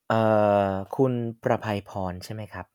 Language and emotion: Thai, neutral